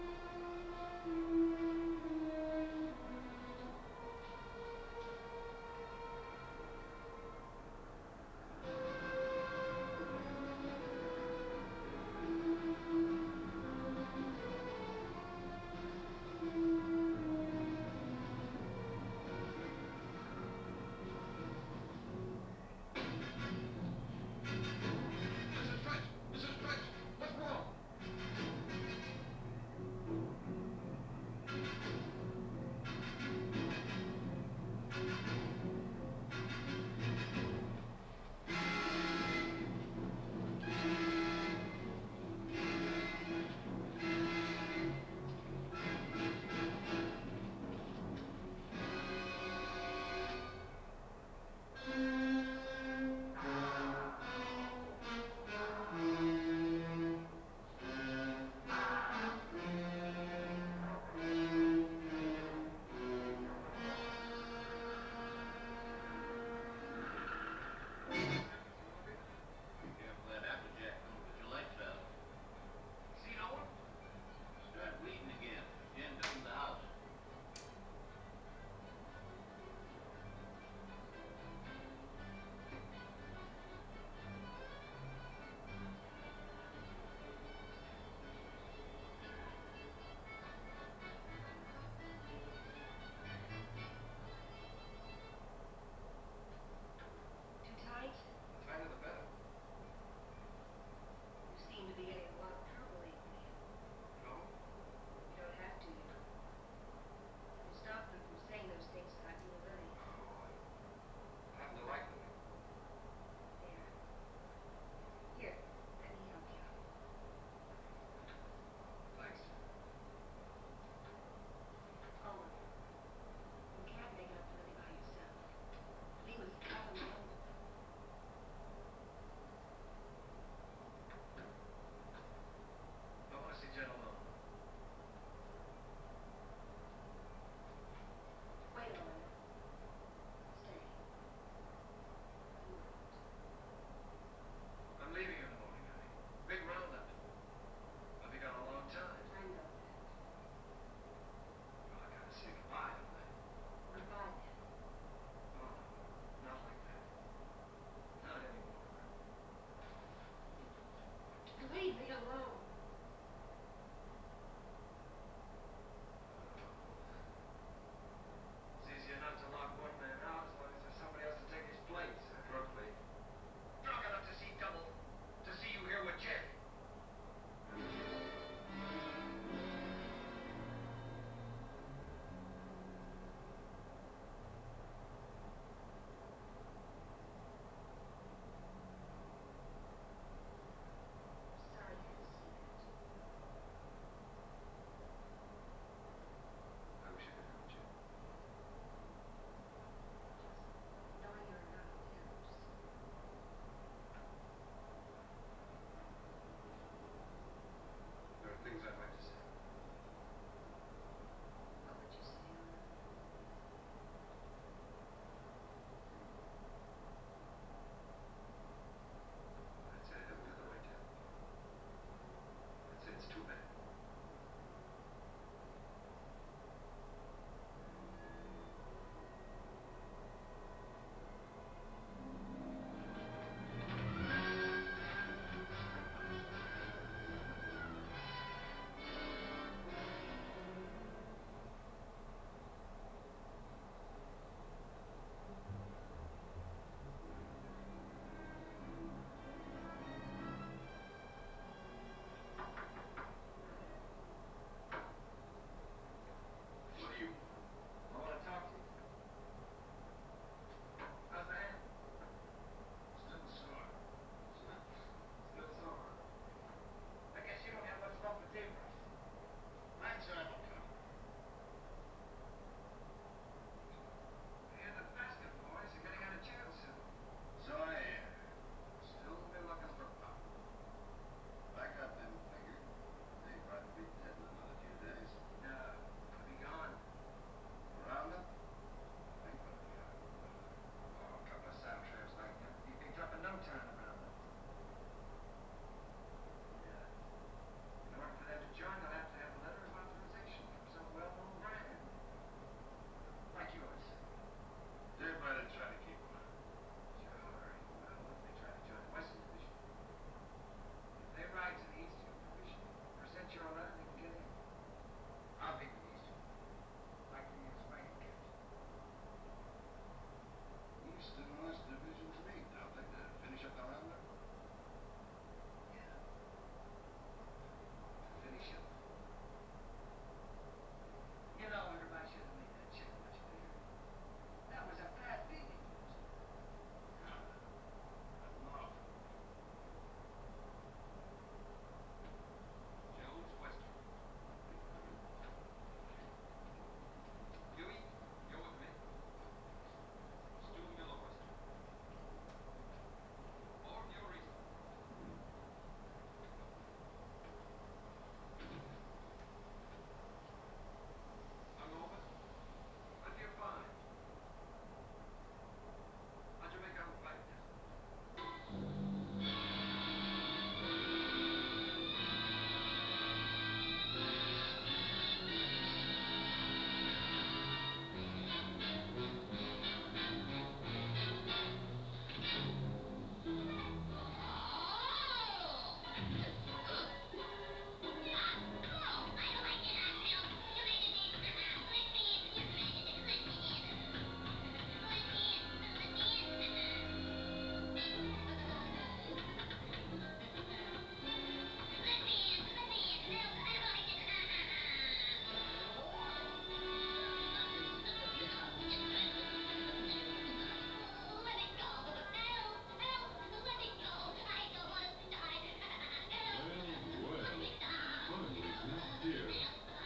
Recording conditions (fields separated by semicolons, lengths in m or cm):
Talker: no one; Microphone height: 1.8 m; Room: small (3.7 m by 2.7 m); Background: television